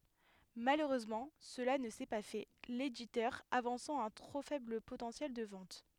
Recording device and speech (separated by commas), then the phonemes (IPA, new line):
headset microphone, read sentence
maløʁøzmɑ̃ səla nə sɛ pa fɛ leditœʁ avɑ̃sɑ̃ œ̃ tʁo fɛbl potɑ̃sjɛl də vɑ̃t